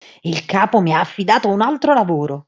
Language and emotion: Italian, angry